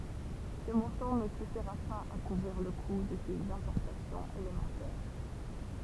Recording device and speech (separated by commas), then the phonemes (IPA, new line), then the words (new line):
temple vibration pickup, read sentence
sə mɔ̃tɑ̃ nə syfiʁa paz a kuvʁiʁ lə ku də sez ɛ̃pɔʁtasjɔ̃z elemɑ̃tɛʁ
Ce montant ne suffira pas à couvrir le coût de ses importations élémentaires.